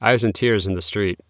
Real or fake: real